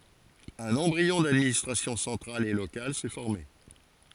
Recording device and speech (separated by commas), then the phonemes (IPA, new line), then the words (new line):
forehead accelerometer, read sentence
œ̃n ɑ̃bʁiɔ̃ dadministʁasjɔ̃ sɑ̃tʁal e lokal sɛ fɔʁme
Un embryon d’administration centrale et locale s’est formé.